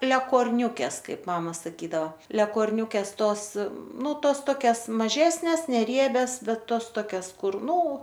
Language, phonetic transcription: Lithuanian, lekorˈniūkes ˈkaip ˈmama saˈkydavo lekorˈniūkes ˈtos ˈnu ˈtos ˈtokias maˈžesnes neˈriebias ˈbet ˈtos ˈtokias ˈkur ˈnu

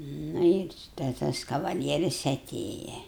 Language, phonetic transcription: Lithuanian, ˈnu ir tai ˈtas kavaˈlieris aˈtėja

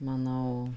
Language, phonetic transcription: Lithuanian, maˈnau

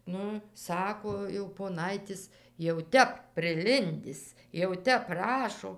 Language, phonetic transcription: Lithuanian, ˈnu ˈsako jau poˈnaitis jau ˈtep priˈlindis jau ˈtep ˈprašo

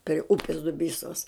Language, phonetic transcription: Lithuanian, pri ˈupis duˈbysos

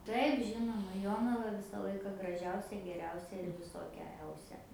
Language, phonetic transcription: Lithuanian, ˈtaip ˈžinoma ˈjonava ˈvisa ˈlaika graˈžiausia geˈriausia ir viˈsokia ˈeusia

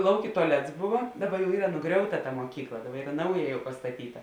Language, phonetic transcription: Lithuanian, ˈlaukė tuaˈlets ˈbuvo ˈdaba jau ˈyra nuˈgriauta ta moˈkykla ˈdabar ˈyra ˈnauja jau pastaˈtyta

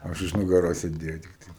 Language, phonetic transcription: Lithuanian, ˈaš už nugaˈros sėˈdėjau tikˈtai

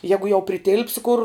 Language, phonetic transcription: Lithuanian, ˈjegu jau priˈtilpsi kur

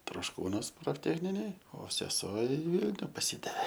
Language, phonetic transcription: Lithuanian, trošˈkūnuos profˈtechninėj o seˈsuo i ˈvylniu paˈsidavė

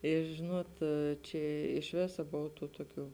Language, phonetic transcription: Lithuanian, i ˈžinuot ˈčia iš ˈvėsa ˈbov ˈtų ˈtuoˌkių

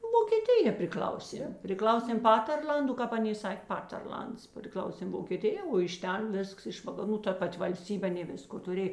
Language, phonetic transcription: Lithuanian, vokėˈtija priˈkl'auˌsėm priˈklausėm ˈpaterˌl'andu kāp ˈaˌnė ˈsakė ˈpaterˌl'ands priˈklausėm vokėˈtija o iš ˈten ˈvisks iš vakaˈrų ta ˈpat' valˈstybė aˈnė ˈvisko tuˈrė

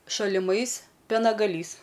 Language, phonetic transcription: Lithuanian, šaliˈmais pienagaˈlys

